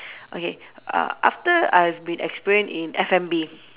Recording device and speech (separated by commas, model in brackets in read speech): telephone, conversation in separate rooms